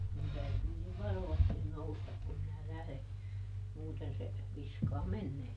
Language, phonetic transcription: Finnish, mun ˈtäytyy nyv "varovastin ˈnoustak kum minä ˈlähδe , muuten se , ˈviskaa "mennee .
- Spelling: minun täytyy nyt varovasti nousta kun minä lähden muuten se viskaa menemään

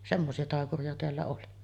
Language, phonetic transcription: Finnish, 'semmosi₍a 'tàekuri₍a teällä oli .
- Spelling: semmoisia taikureita täällä oli

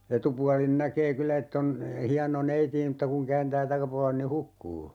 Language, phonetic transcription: Finnish, 'etupualin 'näkee "kyllä ett ‿on , 'hiano 'neiti e m̥tta kuŋ 'kääntää 'takapualen ni "hukkuu .
- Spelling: etupuolelta näkee kyllä että on hieno neiti - mutta kun kääntää takapuolen niin hukkuu

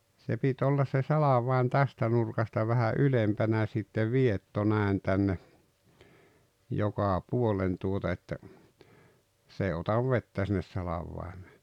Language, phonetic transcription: Finnish, se pit 'ollas se "salavai̬n 'tästä nurkasta vähä '’ylempänä sitte "vietto 'nä̀en tänne , 'jokà 'puolen tuota että , 's ‿èi otav "vettä sinnes 'salavvai̬mee .
- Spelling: se piti olla se salvain tästä nurkasta vähän ylempänä sitten vietto näin tänne joka puolen tuota että se ei ota vettä sinne salvaimeen

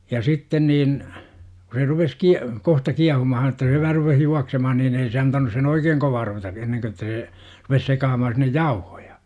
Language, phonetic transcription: Finnish, ja 'sitten niin , ku se rupes 'ki- , 'kohta "kiahumahan ᵉt̆tä se vähä rupeh 'juaksemahan niin ei se antanus sen "oikeeŋ 'kovaa ruveta , 'enneŋkö ᵉttä see , rupes 'sekaamahan sinnej "jauhOJA .
- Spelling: ja sitten niin kun se rupesi - kohta kiehumaan että se vähän rupesi juoksemaan niin ei se antanut sen oikein kovaa ruveta ennen kun että se rupesi sekaamaan sinne jauhoja

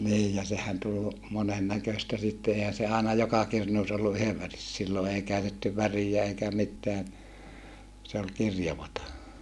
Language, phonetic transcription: Finnish, niij ja sehän tul , monen näköstä sitte èihän̬ se àena joka kirnuus ollu yhev väris - sillo ei käytetty värijä eikä mitteän , se ol kirjavata .
- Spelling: niin ja sehän tuli monen näköistä sitten eihän se aina joka kirnussa ollut yhden - silloin ei käytetty väriä eikä mitään se oli kirjavaa

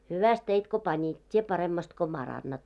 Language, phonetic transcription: Finnish, 'hyväst 'teit ko 'pańit , 't́ie 'paremmast ko 'm̳§arannat .
- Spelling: hyvästi teit kun panit tee paremmasti kun parannat

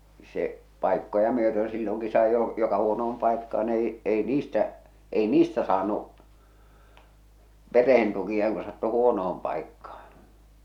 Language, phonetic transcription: Finnish, se , 'pàikkoja myötöö̰ silloŋki sai jo , joka 'huono₍om paikkaan ‿ei , ei "niistä , ei "niistä saanu’ , 'pereh̬en tukia ku sattu "huono₍om paikkaa .
- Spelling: se paikkoja myöten silloinkin sai jo joka huonoon paikkaan ei ei niistä ei niistä saanut perheen tukia kun sattui huonoon paikkaan

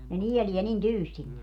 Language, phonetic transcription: Finnish, ne "nielie nin "tyystin ne .
- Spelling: ne nielee niin tyystin ne

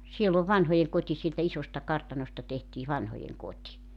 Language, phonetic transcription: Finnish, 'siell ‿oov "vanhojeŋkoti sieltä 'isosta 'kartanosta tehtii 'vanhojeŋ"kot́i .
- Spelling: siellä on vanhojenkoti sieltä isosta kartanosta tehtiin vanhojenkoti

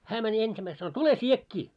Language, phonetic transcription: Finnish, 'hää mä'ń ‿ensimäis sano » "tule "śiekkii « .
- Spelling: hän meni ensimmäisenä sanoi tule sinäkin

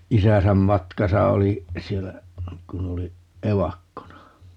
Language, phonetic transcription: Finnish, 'isäsäm "matkasa oli , 'siellä , 'kun ‿oli , "evakkona .
- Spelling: isänsä matkassa oli siellä kun oli evakkona

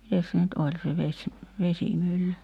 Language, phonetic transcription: Finnish, 'mites se nyt "oĺ se 'veś- , 'vesimylly .
- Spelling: mitenkäs se nyt oli se - vesimylly

